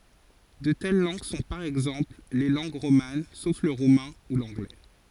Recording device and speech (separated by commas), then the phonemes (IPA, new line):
forehead accelerometer, read sentence
də tɛl lɑ̃ɡ sɔ̃ paʁ ɛɡzɑ̃pl le lɑ̃ɡ ʁoman sof lə ʁumɛ̃ u lɑ̃ɡlɛ